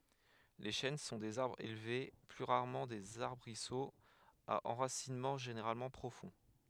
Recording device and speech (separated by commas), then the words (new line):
headset microphone, read sentence
Les chênes sont des arbres élevés, plus rarement des arbrisseaux, à enracinement généralement profond.